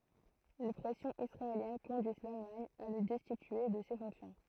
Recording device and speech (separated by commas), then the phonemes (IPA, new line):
throat microphone, read sentence
le pʁɛsjɔ̃z isʁaeljɛn kɔ̃dyiz lalmaɲ a lə dɛstitye də se fɔ̃ksjɔ̃